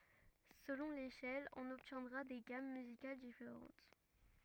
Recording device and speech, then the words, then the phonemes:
rigid in-ear microphone, read sentence
Selon l'échelle, on obtiendra des gammes musicales différentes.
səlɔ̃ leʃɛl ɔ̃n ɔbtjɛ̃dʁa de ɡam myzikal difeʁɑ̃t

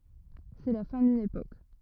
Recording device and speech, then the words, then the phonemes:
rigid in-ear microphone, read sentence
C'est la fin d'une époque.
sɛ la fɛ̃ dyn epok

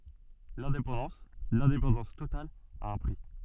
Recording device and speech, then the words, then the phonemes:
soft in-ear microphone, read sentence
L’indépendance, l’indépendance totale, a un prix.
lɛ̃depɑ̃dɑ̃s lɛ̃depɑ̃dɑ̃s total a œ̃ pʁi

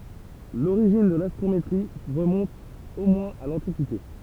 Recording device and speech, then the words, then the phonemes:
temple vibration pickup, read sentence
L'origine de l'astrométrie remonte au moins à l'Antiquité.
loʁiʒin də lastʁometʁi ʁəmɔ̃t o mwɛ̃z a lɑ̃tikite

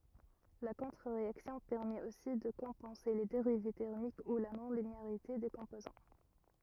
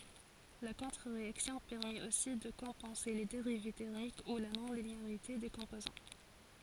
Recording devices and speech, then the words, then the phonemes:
rigid in-ear microphone, forehead accelerometer, read sentence
La contre-réaction permet aussi de compenser les dérives thermiques ou la non-linéarité des composants.
la kɔ̃tʁəʁeaksjɔ̃ pɛʁmɛt osi də kɔ̃pɑ̃se le deʁiv tɛʁmik u la nɔ̃lineaʁite de kɔ̃pozɑ̃

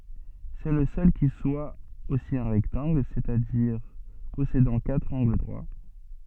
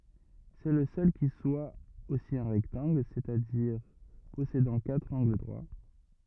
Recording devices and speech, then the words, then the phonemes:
soft in-ear microphone, rigid in-ear microphone, read sentence
C'est le seul qui soit aussi un rectangle, c'est-à-dire possédant quatre angles droits.
sɛ lə sœl ki swa osi œ̃ ʁɛktɑ̃ɡl sɛt a diʁ pɔsedɑ̃ katʁ ɑ̃ɡl dʁwa

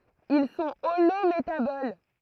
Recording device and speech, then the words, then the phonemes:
throat microphone, read sentence
Ils sont holométaboles.
il sɔ̃ olometabol

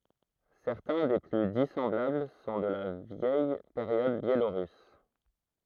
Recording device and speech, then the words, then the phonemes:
throat microphone, read sentence
Certains des plus dissemblables sont de la vieille période biélorusse.
sɛʁtɛ̃ de ply disɑ̃blabl sɔ̃ də la vjɛj peʁjɔd bjeloʁys

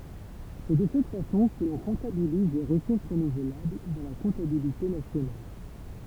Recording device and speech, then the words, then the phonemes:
temple vibration pickup, read sentence
C'est de cette façon que l'on comptabilise les ressources renouvelables dans la comptabilité nationale.
sɛ də sɛt fasɔ̃ kə lɔ̃ kɔ̃tabiliz le ʁəsuʁs ʁənuvlabl dɑ̃ la kɔ̃tabilite nasjonal

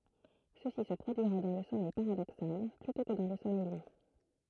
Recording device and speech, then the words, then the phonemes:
throat microphone, read sentence
Ceci se produirait dans le sommeil paradoxal, plutôt que dans le sommeil lent.
səsi sə pʁodyiʁɛ dɑ̃ lə sɔmɛj paʁadoksal plytɔ̃ kə dɑ̃ lə sɔmɛj lɑ̃

